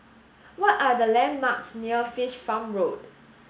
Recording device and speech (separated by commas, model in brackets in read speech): mobile phone (Samsung S8), read sentence